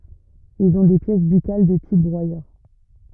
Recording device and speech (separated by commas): rigid in-ear microphone, read sentence